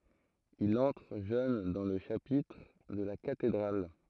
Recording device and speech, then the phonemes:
throat microphone, read sentence
il ɑ̃tʁ ʒøn dɑ̃ lə ʃapitʁ də la katedʁal

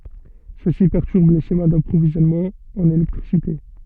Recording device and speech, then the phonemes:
soft in-ear microphone, read sentence
səsi pɛʁtyʁb le ʃema dapʁovizjɔnmɑ̃z ɑ̃n elɛktʁisite

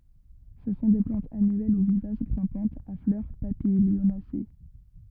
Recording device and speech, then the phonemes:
rigid in-ear microphone, read sentence
sə sɔ̃ de plɑ̃tz anyɛl u vivas ɡʁɛ̃pɑ̃tz a flœʁ papiljonase

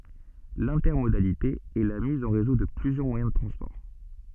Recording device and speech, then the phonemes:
soft in-ear microphone, read sentence
lɛ̃tɛʁmodalite ɛ la miz ɑ̃ ʁezo də plyzjœʁ mwajɛ̃ də tʁɑ̃spɔʁ

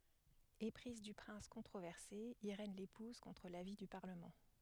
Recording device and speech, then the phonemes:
headset microphone, read sentence
epʁiz dy pʁɛ̃s kɔ̃tʁovɛʁse iʁɛn lepuz kɔ̃tʁ lavi dy paʁləmɑ̃

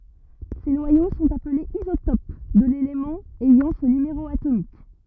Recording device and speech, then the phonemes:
rigid in-ear microphone, read sentence
se nwajo sɔ̃t aplez izotop də lelemɑ̃ ɛjɑ̃ sə nymeʁo atomik

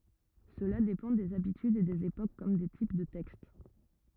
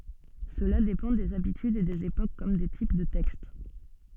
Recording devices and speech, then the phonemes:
rigid in-ear microphone, soft in-ear microphone, read sentence
səla depɑ̃ dez abitydz e dez epok kɔm de tip də tɛkst

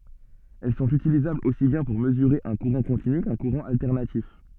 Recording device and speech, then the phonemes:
soft in-ear microphone, read sentence
ɛl sɔ̃t ytilizablz osi bjɛ̃ puʁ məzyʁe œ̃ kuʁɑ̃ kɔ̃tiny kœ̃ kuʁɑ̃ altɛʁnatif

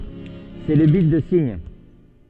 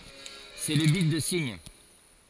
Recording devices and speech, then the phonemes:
soft in-ear microphone, forehead accelerometer, read sentence
sɛ lə bit də siɲ

